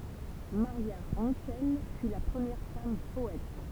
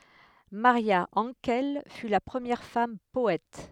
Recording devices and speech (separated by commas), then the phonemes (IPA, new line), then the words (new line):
temple vibration pickup, headset microphone, read sentence
maʁja ɑ̃kɛl fy la pʁəmjɛʁ fam pɔɛt
Maria Hankel fut la première femme poète.